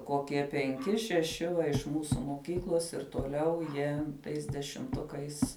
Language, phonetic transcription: Lithuanian, koˈkie penˈki šeˈši va iš ˈmūsu moˈkyklos ir toˈliau jie ˈtais dešimˈtukais

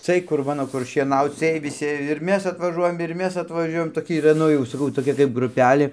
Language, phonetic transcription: Lithuanian, ˈcɨɜj kur ˈmano kur šieˈnauc ˈcɨɜj viˈsi ir ˈmes atvaˈžuojam ir ˈmes atvaˈžiuojam toˈki yˈra ˈnu jau saˈkau toˈkia kaip gruˈpelė

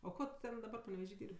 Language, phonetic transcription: Lithuanian, o ˈko tu ˈten daˈbar paneveˈžy ˈdyr'b'

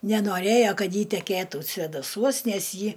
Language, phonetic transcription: Lithuanian, nenoˈrėjo ˈkad ˈji tekėˈtų svėdaˈsuos ˈnes ˈji

